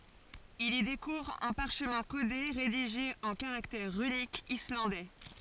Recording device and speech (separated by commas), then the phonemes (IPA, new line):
forehead accelerometer, read sentence
il i dekuvʁ œ̃ paʁʃmɛ̃ kode ʁediʒe ɑ̃ kaʁaktɛʁ ʁynikz islɑ̃dɛ